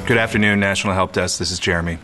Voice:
monotone